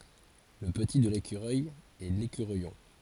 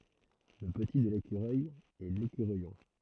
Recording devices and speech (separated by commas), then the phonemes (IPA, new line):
forehead accelerometer, throat microphone, read sentence
lə pəti də lekyʁœj ɛ lekyʁœjɔ̃